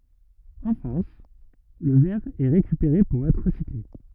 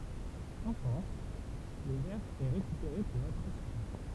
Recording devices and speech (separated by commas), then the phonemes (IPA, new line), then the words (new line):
rigid in-ear microphone, temple vibration pickup, read sentence
ɑ̃ fʁɑ̃s lə vɛʁ ɛ ʁekypeʁe puʁ ɛtʁ ʁəsikle
En France, le verre est récupéré pour être recyclé.